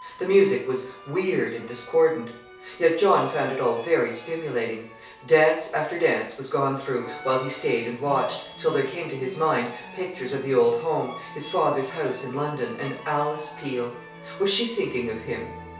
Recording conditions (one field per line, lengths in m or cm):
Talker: one person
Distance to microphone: 3.0 m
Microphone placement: far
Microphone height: 1.8 m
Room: small (3.7 m by 2.7 m)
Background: music